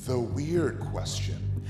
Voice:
spooky voice